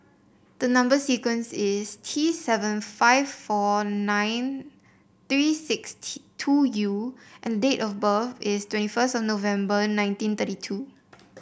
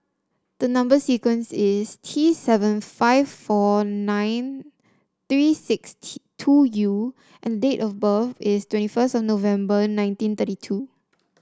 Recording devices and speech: boundary microphone (BM630), standing microphone (AKG C214), read sentence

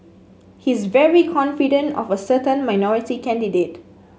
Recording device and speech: mobile phone (Samsung S8), read sentence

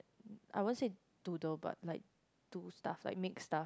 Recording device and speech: close-talking microphone, conversation in the same room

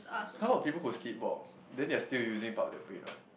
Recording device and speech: boundary microphone, conversation in the same room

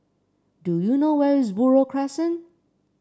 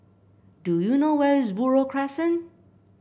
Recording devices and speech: standing microphone (AKG C214), boundary microphone (BM630), read sentence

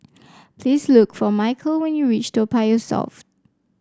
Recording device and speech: standing microphone (AKG C214), read sentence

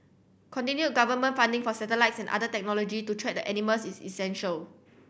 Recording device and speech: boundary microphone (BM630), read sentence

